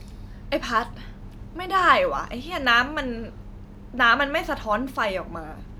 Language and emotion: Thai, frustrated